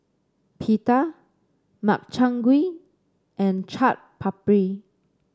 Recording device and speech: standing microphone (AKG C214), read sentence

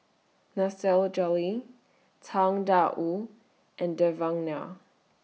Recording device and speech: mobile phone (iPhone 6), read sentence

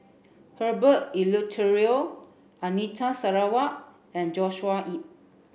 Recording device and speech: boundary microphone (BM630), read sentence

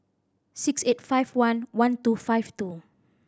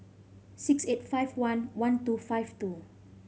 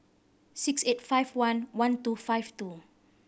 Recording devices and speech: standing microphone (AKG C214), mobile phone (Samsung C5010), boundary microphone (BM630), read sentence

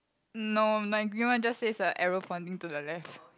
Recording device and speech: close-talking microphone, conversation in the same room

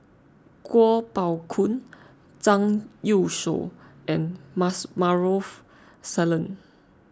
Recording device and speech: close-talking microphone (WH20), read sentence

